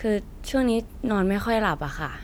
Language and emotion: Thai, neutral